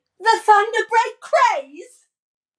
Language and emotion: English, surprised